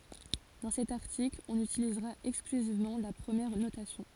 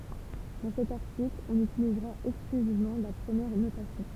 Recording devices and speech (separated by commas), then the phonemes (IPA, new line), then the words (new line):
forehead accelerometer, temple vibration pickup, read sentence
dɑ̃ sɛt aʁtikl ɔ̃n ytilizʁa ɛksklyzivmɑ̃ la pʁəmjɛʁ notasjɔ̃
Dans cet article, on utilisera exclusivement la première notation.